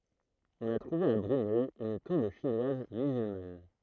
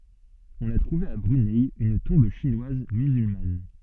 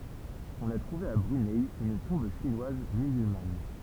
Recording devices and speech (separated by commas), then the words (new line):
throat microphone, soft in-ear microphone, temple vibration pickup, read sentence
On a trouvé à Brunei une tombe chinoise musulmane.